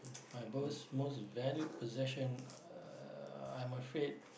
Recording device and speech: boundary microphone, conversation in the same room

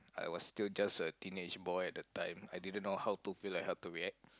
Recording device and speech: close-talking microphone, conversation in the same room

